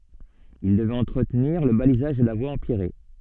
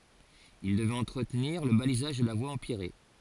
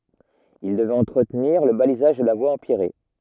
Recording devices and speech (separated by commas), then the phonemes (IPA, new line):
soft in-ear microphone, forehead accelerometer, rigid in-ear microphone, read sentence
il dəvɛt ɑ̃tʁətniʁ lə balizaʒ də la vwa ɑ̃pjɛʁe